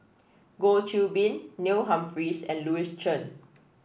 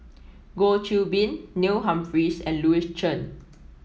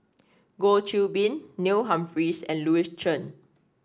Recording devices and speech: boundary microphone (BM630), mobile phone (iPhone 7), standing microphone (AKG C214), read sentence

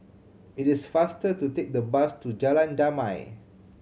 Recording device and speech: mobile phone (Samsung C7100), read sentence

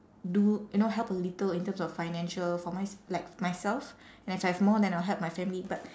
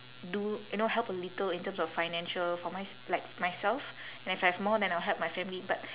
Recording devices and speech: standing microphone, telephone, conversation in separate rooms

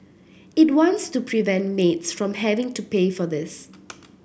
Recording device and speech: boundary microphone (BM630), read sentence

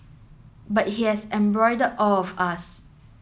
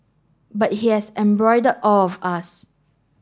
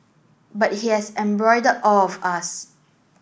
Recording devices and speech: mobile phone (Samsung S8), standing microphone (AKG C214), boundary microphone (BM630), read sentence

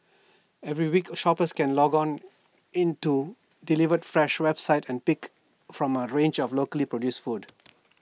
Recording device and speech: mobile phone (iPhone 6), read sentence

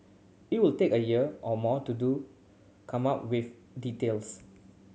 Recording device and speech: mobile phone (Samsung C7100), read sentence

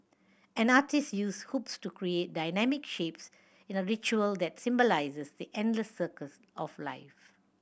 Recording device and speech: boundary microphone (BM630), read sentence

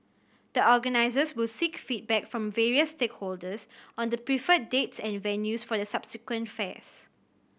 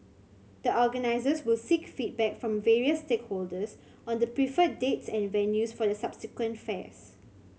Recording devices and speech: boundary microphone (BM630), mobile phone (Samsung C7100), read sentence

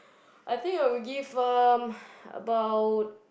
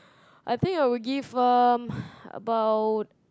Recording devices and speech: boundary microphone, close-talking microphone, conversation in the same room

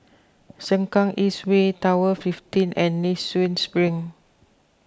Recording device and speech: close-talking microphone (WH20), read sentence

